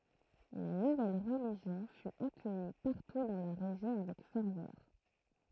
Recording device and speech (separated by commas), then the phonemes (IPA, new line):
throat microphone, read sentence
la nuvɛl ʁəliʒjɔ̃ fy akœji paʁtu dɑ̃ la ʁeʒjɔ̃ avɛk fɛʁvœʁ